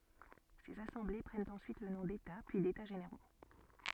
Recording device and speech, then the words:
soft in-ear microphone, read sentence
Ces assemblées prennent ensuite le nom d'états puis d'états généraux.

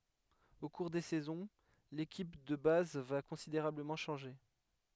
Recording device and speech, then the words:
headset microphone, read sentence
Au cours des saisons, l'équipe de base va considérablement changer.

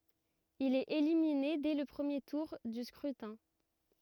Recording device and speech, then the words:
rigid in-ear microphone, read sentence
Il est éliminé dès le premier tour du scrutin.

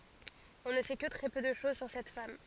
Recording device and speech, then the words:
forehead accelerometer, read sentence
On ne sait que très peu de choses sur cette femme.

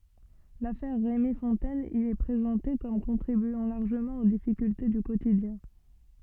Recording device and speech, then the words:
soft in-ear microphone, read sentence
L'affaire Rémi Fontaine y est présentée comme contribuant largement aux difficultés du quotidien.

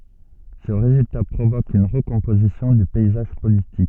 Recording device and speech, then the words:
soft in-ear microphone, read sentence
Ce résultat provoque une recomposition du paysage politique.

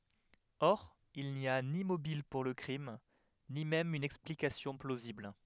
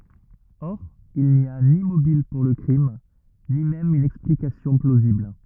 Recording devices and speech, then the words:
headset microphone, rigid in-ear microphone, read sentence
Or, il n'y a ni mobile pour le crime, ni même une explication plausible.

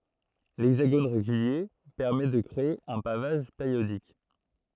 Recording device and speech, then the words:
throat microphone, read sentence
L'hexagone régulier permet de créer un pavage périodique.

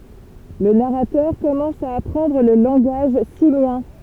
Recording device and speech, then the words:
temple vibration pickup, read sentence
Le narrateur commence à apprendre le langage simien.

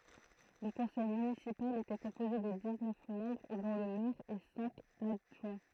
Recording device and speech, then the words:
throat microphone, read sentence
Le conseil municipal était composé de dix-neuf membres dont le maire et cinq adjoints.

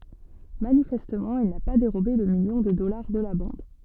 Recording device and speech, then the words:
soft in-ear microphone, read sentence
Manifestement, il n'a pas dérobé le million de dollars de la bande.

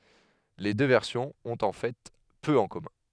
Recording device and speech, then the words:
headset microphone, read sentence
Les deux versions ont en fait peu en commun.

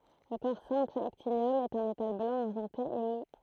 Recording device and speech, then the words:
throat microphone, read sentence
Le corps simple actinium est un métal blanc argenté et mou.

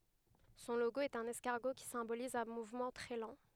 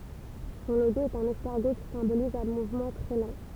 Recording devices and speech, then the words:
headset microphone, temple vibration pickup, read sentence
Son logo est un escargot qui symbolise un mouvement très lent.

